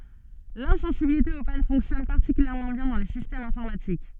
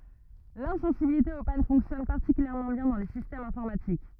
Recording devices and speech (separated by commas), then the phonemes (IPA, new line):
soft in-ear microphone, rigid in-ear microphone, read sentence
lɛ̃sɑ̃sibilite o pan fɔ̃ksjɔn paʁtikyljɛʁmɑ̃ bjɛ̃ dɑ̃ le sistɛmz ɛ̃fɔʁmatik